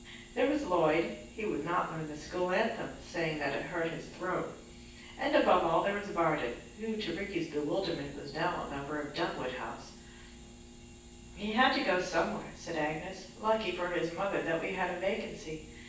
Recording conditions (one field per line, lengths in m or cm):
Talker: one person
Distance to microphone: 9.8 m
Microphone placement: far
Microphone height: 1.8 m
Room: large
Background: none